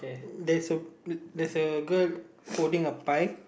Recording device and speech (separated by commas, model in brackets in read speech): boundary microphone, conversation in the same room